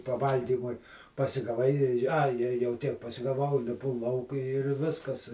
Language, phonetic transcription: Lithuanian, paˈvalgymui pasigaˈvai ai jau ˈtiek pasigaˈvau liˈpu ˈlauk ir ˈviskas

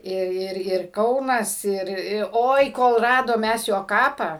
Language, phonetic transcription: Lithuanian, ˈir ˈir ir ˈkaunas ˈir i ˈoi ˈkol ˈradom ˈmes ˈjo ˈkapą

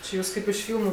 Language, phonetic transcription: Lithuanian, či ˈjūs ˈkaip iš ˈfylmu

